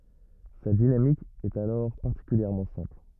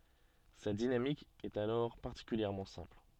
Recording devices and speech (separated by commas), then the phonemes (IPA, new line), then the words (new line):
rigid in-ear microphone, soft in-ear microphone, read sentence
sa dinamik ɛt alɔʁ paʁtikyljɛʁmɑ̃ sɛ̃pl
Sa dynamique est alors particulièrement simple.